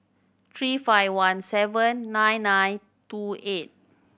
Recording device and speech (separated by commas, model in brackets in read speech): boundary microphone (BM630), read sentence